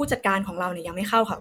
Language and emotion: Thai, neutral